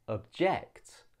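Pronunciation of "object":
'Object' is said as the verb, not the noun: the voice goes up, and the second syllable is stressed more.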